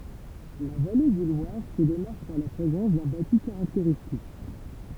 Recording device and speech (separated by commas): temple vibration pickup, read sentence